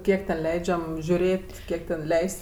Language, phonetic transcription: Lithuanian, ˈkiek ten ˈleidžiam žiuˈrėt' ˈkiek ten ˈleis't's'

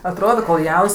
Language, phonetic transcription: Lithuanian, atˈrodo kol ˈjauns

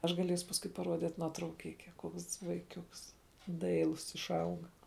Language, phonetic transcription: Lithuanian, ˈaš gaˈliesu pasˈkui paˈruodit nuotrauˈkike ˈkuoks vaiˈkiuks ˈdailus išˈauga

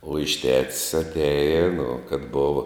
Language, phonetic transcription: Lithuanian, uo iš tets atˈeji nu kad ˈbova

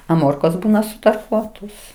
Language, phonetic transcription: Lithuanian, a ˈmorkos ˈbūna sutarˈkuotos

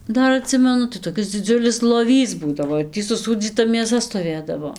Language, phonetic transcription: Lithuanian, ˈdar aˈtsimenu tai toˈkis dziˈdziulis loˈvys ˈbūdavo ir ˈtį suˈsūdzyta mėˈsa stoˈvėdavo

